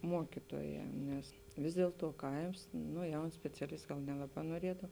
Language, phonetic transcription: Lithuanian, ˈmuokituoˌjē nes ˈvis diel ˌtuo ˈkaims ˈno ˈjaun speciaˈlist ˈgal ˈnelaˌbā noˈriedav

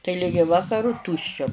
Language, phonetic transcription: Lithuanian, tai ˈligi ˈvakaru ˈtūščia

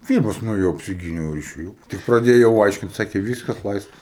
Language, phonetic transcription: Lithuanian, ˈpyrmas nueˈjau apsiˈgyniau ir išeˈjau tik praˈdėjau ˈaiškint ˈsakė ˈvyskas ˈlaisvas

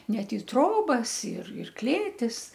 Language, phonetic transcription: Lithuanian, ˈnet i ˈtrobas ir ir ˈklėtis

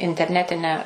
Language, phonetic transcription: Lithuanian, interˈnetinę

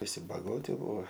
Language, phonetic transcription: Lithuanian, viˈsi baˈgoti ˈbūo

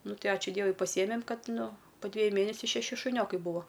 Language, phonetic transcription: Lithuanian, ˈnu ˈtai ˈačiu ˈdievui paˈsiemem ˈkad ˈnu po ˈdvėju ˈmėnesiu šeˈši šuˈniokai ˈbuvo

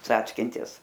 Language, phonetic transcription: Lithuanian, ˈcackintis

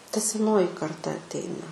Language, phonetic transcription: Lithuanian, ta seˈnoji karˈta atˈeina

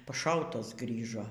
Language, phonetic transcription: Lithuanian, paˈšautas ˈgrįžo

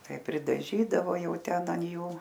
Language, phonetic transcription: Lithuanian, ˈtai pridaˈžydavo ˈjau ˈten an ˈjų

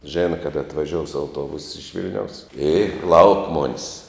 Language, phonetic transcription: Lithuanian, ˈžėna ˈkada atvaˈžious auˈtuobus iš ˈvil'niaus i lauk ˈmonis

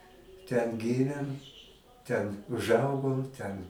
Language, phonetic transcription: Lithuanian, ten ˈgymėm ten užˈaugom ten

